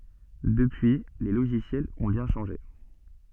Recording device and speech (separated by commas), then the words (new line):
soft in-ear microphone, read sentence
Depuis les logiciels ont bien changé.